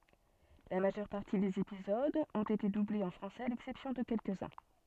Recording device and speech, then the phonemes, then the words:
soft in-ear microphone, read sentence
la maʒœʁ paʁti dez epizodz ɔ̃t ete dublez ɑ̃ fʁɑ̃sɛz a lɛksɛpsjɔ̃ də kɛlkəzœ̃
La majeure partie des épisodes ont été doublés en français à l'exception de quelques-uns.

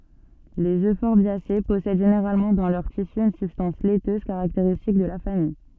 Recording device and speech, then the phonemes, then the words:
soft in-ear microphone, read sentence
lez øfɔʁbjase pɔsɛd ʒeneʁalmɑ̃ dɑ̃ lœʁ tisy yn sybstɑ̃s lɛtøz kaʁakteʁistik də la famij
Les euphorbiacées possèdent généralement dans leurs tissus une substance laiteuse caractéristique de la famille.

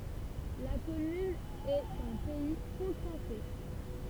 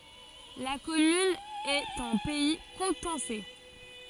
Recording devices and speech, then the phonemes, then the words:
temple vibration pickup, forehead accelerometer, read sentence
la kɔmyn ɛt ɑ̃ pɛi kutɑ̃sɛ
La commune est en pays coutançais.

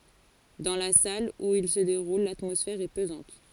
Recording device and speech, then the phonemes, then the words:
forehead accelerometer, read sentence
dɑ̃ la sal u il sə deʁul latmɔsfɛʁ ɛ pəzɑ̃t
Dans la salle où il se déroule, l'atmosphère est pesante.

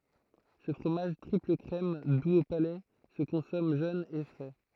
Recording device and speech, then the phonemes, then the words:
throat microphone, read sentence
sə fʁomaʒ tʁipləkʁɛm duz o palɛ sə kɔ̃sɔm ʒøn e fʁɛ
Ce fromage triple-crème, doux au palais, se consomme jeune et frais.

